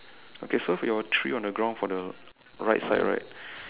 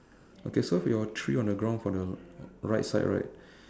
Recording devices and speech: telephone, standing microphone, conversation in separate rooms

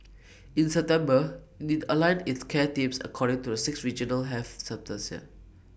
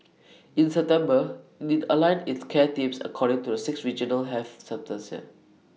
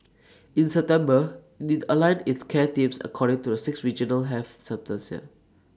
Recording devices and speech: boundary microphone (BM630), mobile phone (iPhone 6), standing microphone (AKG C214), read sentence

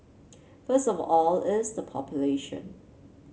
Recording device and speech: mobile phone (Samsung C7), read sentence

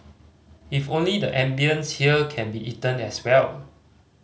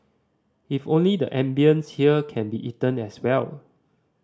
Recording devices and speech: mobile phone (Samsung C5010), standing microphone (AKG C214), read sentence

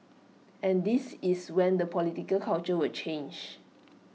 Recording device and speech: mobile phone (iPhone 6), read sentence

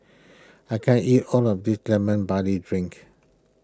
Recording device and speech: close-talking microphone (WH20), read sentence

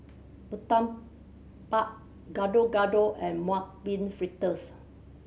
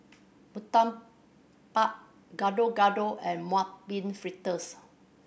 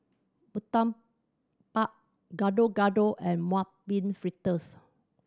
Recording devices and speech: mobile phone (Samsung C7100), boundary microphone (BM630), standing microphone (AKG C214), read sentence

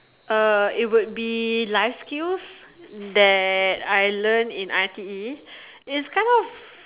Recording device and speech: telephone, conversation in separate rooms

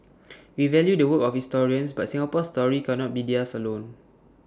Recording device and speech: standing microphone (AKG C214), read sentence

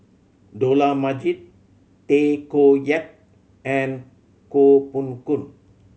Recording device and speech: mobile phone (Samsung C7100), read sentence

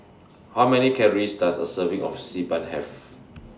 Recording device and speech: standing microphone (AKG C214), read sentence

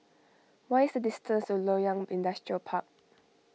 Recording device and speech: mobile phone (iPhone 6), read sentence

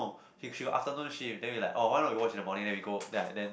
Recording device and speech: boundary microphone, conversation in the same room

